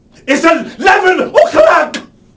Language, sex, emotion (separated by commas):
English, male, angry